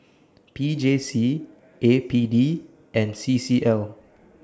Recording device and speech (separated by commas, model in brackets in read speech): standing microphone (AKG C214), read sentence